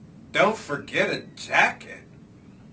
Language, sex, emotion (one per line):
English
male
disgusted